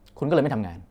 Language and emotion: Thai, angry